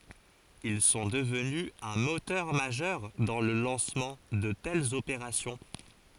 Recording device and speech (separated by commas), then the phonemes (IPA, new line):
forehead accelerometer, read sentence
il sɔ̃ dəvny œ̃ motœʁ maʒœʁ dɑ̃ lə lɑ̃smɑ̃ də tɛlz opeʁasjɔ̃